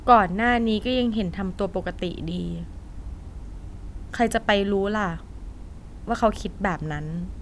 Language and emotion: Thai, frustrated